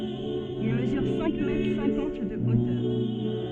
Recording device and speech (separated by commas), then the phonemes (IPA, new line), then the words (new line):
soft in-ear microphone, read sentence
il məzyʁ sɛ̃k mɛtʁ sɛ̃kɑ̃t də otœʁ
Il mesure cinq mètres cinquante de hauteur.